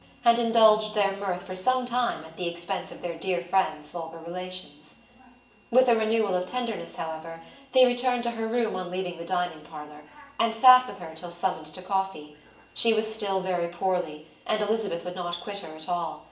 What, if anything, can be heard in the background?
A television.